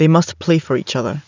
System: none